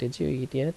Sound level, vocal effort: 75 dB SPL, soft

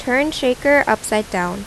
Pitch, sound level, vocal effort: 250 Hz, 84 dB SPL, normal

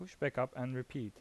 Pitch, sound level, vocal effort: 130 Hz, 83 dB SPL, normal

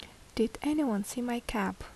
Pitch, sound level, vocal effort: 235 Hz, 71 dB SPL, soft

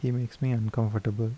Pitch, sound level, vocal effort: 115 Hz, 77 dB SPL, soft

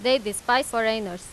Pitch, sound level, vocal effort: 225 Hz, 93 dB SPL, loud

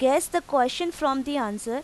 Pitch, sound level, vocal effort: 275 Hz, 90 dB SPL, loud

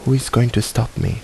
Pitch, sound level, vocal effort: 120 Hz, 74 dB SPL, soft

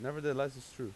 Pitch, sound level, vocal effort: 135 Hz, 89 dB SPL, normal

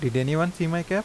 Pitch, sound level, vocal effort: 170 Hz, 86 dB SPL, normal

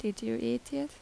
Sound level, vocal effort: 79 dB SPL, soft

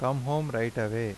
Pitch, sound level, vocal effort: 115 Hz, 86 dB SPL, normal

